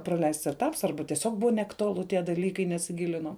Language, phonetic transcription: Lithuanian, praˈleists eˈtaps ˈarba tieˈsiog ˈbuva neaktuˈalu tie daˈlykai nesiˈgilinau

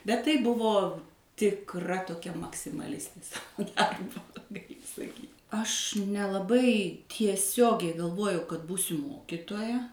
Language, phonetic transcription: Lithuanian, bet ˈtai ˈbuvo tikˈra toˈkia maksimaˈlistė ˈsavo ˈdarbo gaˈli saˈkyt' aš nelaˈbai tieˈsiogiai galˈvojau kad ˈbūsiu ˈmokitoja

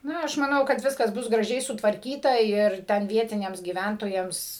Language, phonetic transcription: Lithuanian, ˈna aš maˈnau kad ˈviskas ˈbus graˈžiai sutvarˈkyta ir ˈten ˈvietiniams gyˈvæntojams

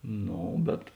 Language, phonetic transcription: Lithuanian, ˈno bet

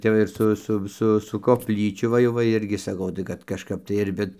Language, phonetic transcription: Lithuanian, ˈtep va ir ˈsu ˈsu ˈsu su kopˈlyčiu va ˈjau va ˈirgi saˈkau tai ˈkad kažˈkap tai ir ˈvit

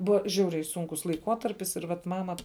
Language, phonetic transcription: Lithuanian, ˈbuva ˈžiauriai ˈsunkus laiˈkuotarpis ir ˈvat ˈmama

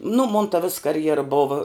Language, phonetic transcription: Lithuanian, nu mon ta vis karˈjera ˈbova

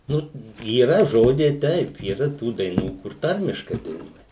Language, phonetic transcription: Lithuanian, ˈnu yˈra žoˈdžiai ˈtaip yˈra ˈtų daiˈnų kur ˈtarmiškai daiˈnuoja

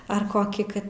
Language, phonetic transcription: Lithuanian, ar ˈkokį ˈkad

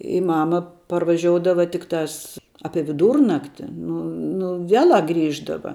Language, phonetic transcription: Lithuanian, i ˈmama parvaˈžioudavo ˈtiktās ˈapie viˈdūrnakti ˈnu nu ˈvielā ˈgrįždava

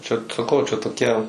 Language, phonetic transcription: Lithuanian, čia saˈkau čia toˈkia

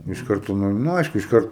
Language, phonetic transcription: Lithuanian, iš ˈkartu ˈnu nu ˈaišku išˈkart

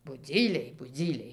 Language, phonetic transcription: Lithuanian, buˈdzyliai buˈdzyliai

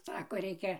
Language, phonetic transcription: Lithuanian, ˈsako ˈreikia

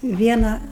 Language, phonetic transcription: Lithuanian, ˈviena

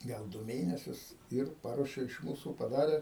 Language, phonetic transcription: Lithuanian, ˈgal ˈdu ˈmėnesius ir ˈparuoše iš ˈmūsų paˈdare

